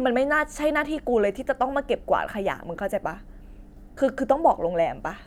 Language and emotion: Thai, angry